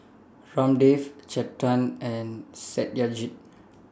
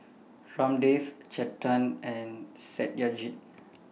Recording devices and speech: standing microphone (AKG C214), mobile phone (iPhone 6), read sentence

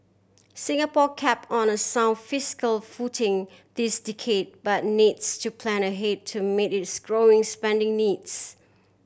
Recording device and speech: boundary microphone (BM630), read sentence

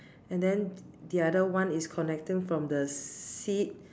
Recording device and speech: standing microphone, conversation in separate rooms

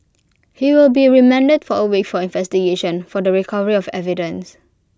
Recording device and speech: close-talking microphone (WH20), read sentence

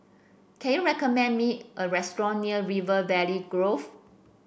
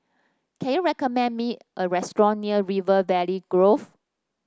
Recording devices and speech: boundary microphone (BM630), standing microphone (AKG C214), read sentence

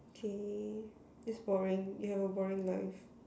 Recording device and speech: standing microphone, conversation in separate rooms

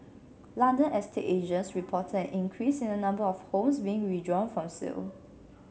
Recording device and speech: mobile phone (Samsung C7), read sentence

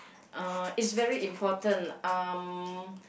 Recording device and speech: boundary microphone, conversation in the same room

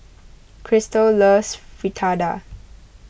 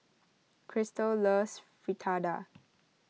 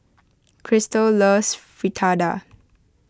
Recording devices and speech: boundary microphone (BM630), mobile phone (iPhone 6), close-talking microphone (WH20), read sentence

